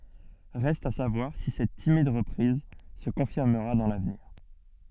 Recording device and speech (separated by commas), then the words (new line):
soft in-ear microphone, read sentence
Reste à savoir si cette timide reprise se confirmera dans l'avenir..